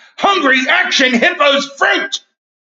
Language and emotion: English, fearful